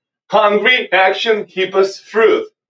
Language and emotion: English, happy